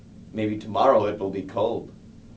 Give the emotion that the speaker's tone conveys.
neutral